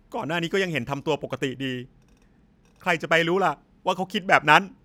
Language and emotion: Thai, sad